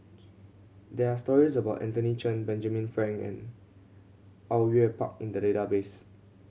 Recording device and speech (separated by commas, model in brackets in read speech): mobile phone (Samsung C7100), read sentence